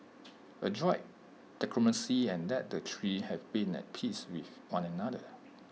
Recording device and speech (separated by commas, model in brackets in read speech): mobile phone (iPhone 6), read sentence